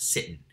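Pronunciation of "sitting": In 'sitting', the t sound becomes a glottal stop.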